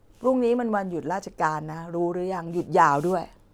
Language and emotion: Thai, frustrated